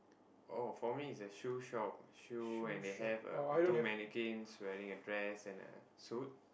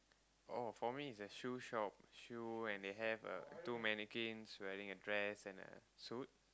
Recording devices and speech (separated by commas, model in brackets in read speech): boundary microphone, close-talking microphone, conversation in the same room